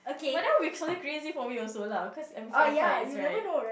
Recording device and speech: boundary microphone, conversation in the same room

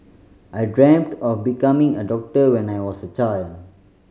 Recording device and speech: mobile phone (Samsung C5010), read sentence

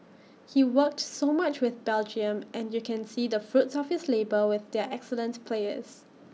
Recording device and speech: mobile phone (iPhone 6), read sentence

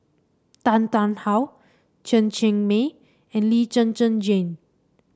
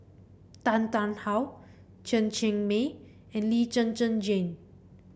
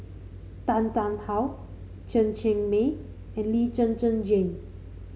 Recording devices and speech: standing microphone (AKG C214), boundary microphone (BM630), mobile phone (Samsung C5), read sentence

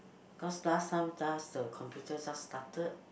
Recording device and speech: boundary microphone, conversation in the same room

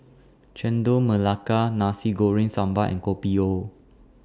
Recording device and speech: standing microphone (AKG C214), read sentence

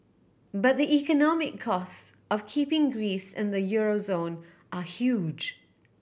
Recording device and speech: boundary microphone (BM630), read sentence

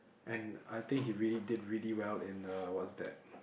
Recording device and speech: boundary microphone, conversation in the same room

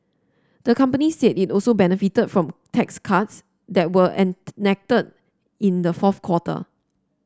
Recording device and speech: standing microphone (AKG C214), read sentence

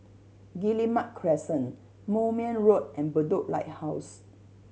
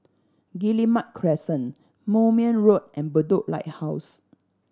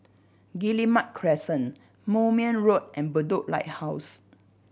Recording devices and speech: mobile phone (Samsung C7100), standing microphone (AKG C214), boundary microphone (BM630), read sentence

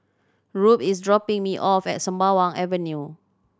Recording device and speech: standing microphone (AKG C214), read sentence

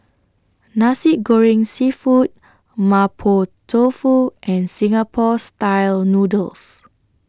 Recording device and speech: standing microphone (AKG C214), read sentence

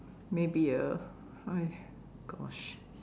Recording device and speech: standing microphone, conversation in separate rooms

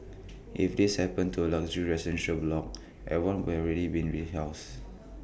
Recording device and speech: boundary microphone (BM630), read sentence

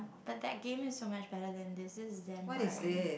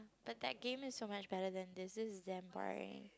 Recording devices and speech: boundary microphone, close-talking microphone, conversation in the same room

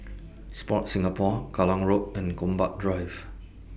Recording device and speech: boundary microphone (BM630), read sentence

